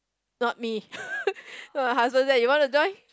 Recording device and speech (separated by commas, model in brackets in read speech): close-talking microphone, conversation in the same room